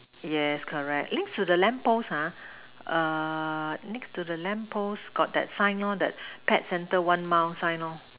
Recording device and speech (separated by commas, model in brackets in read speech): telephone, conversation in separate rooms